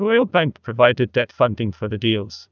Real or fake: fake